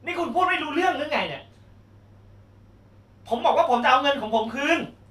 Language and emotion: Thai, angry